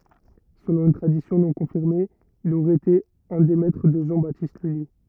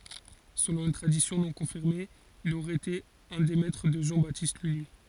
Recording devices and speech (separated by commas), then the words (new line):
rigid in-ear microphone, forehead accelerometer, read sentence
Selon une tradition non confirmée, il aurait été un des maîtres de Jean-Baptiste Lully.